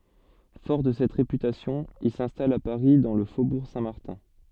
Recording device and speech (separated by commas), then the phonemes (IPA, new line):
soft in-ear microphone, read sentence
fɔʁ də sɛt ʁepytasjɔ̃ il sɛ̃stal a paʁi dɑ̃ lə fobuʁ sɛ̃tmaʁtɛ̃